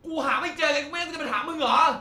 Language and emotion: Thai, angry